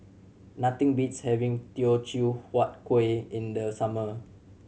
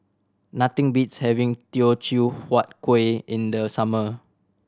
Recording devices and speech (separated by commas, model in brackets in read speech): mobile phone (Samsung C7100), standing microphone (AKG C214), read sentence